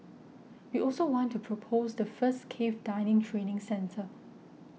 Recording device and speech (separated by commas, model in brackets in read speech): mobile phone (iPhone 6), read sentence